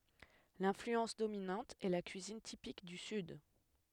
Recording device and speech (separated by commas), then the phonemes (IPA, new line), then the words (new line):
headset microphone, read sentence
lɛ̃flyɑ̃s dominɑ̃t ɛ la kyizin tipik dy syd
L’influence dominante est la cuisine typique du Sud.